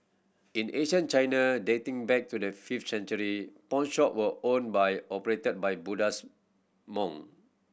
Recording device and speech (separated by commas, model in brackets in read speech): boundary microphone (BM630), read sentence